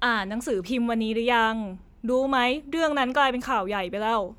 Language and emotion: Thai, frustrated